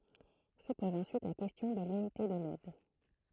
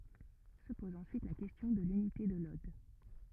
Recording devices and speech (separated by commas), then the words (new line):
throat microphone, rigid in-ear microphone, read sentence
Se pose ensuite la question de l'unité de l'ode.